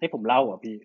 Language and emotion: Thai, frustrated